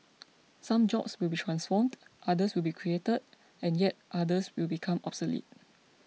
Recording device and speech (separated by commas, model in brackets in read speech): mobile phone (iPhone 6), read sentence